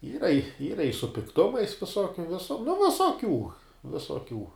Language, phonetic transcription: Lithuanian, ˈyra ˈyra i su pikˈtumais viˈsokiu ˈvisu nu visoˈkių visoˈkių

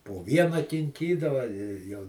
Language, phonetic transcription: Lithuanian, po ˈviena kinˈkydava jau

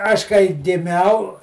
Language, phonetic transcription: Lithuanian, ˈaš kai giˈmiau

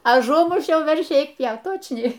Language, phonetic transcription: Lithuanian, aˈžumušiau verˈšį ˈeik ˈpjaut ˈtočniai

